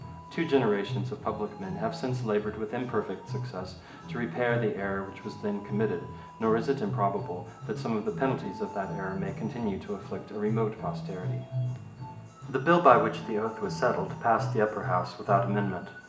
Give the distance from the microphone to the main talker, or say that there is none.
1.8 m.